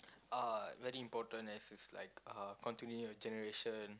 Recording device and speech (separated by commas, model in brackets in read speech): close-talking microphone, conversation in the same room